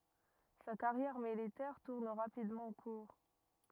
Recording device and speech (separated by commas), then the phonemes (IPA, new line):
rigid in-ear microphone, read sentence
sa kaʁjɛʁ militɛʁ tuʁn ʁapidmɑ̃ kuʁ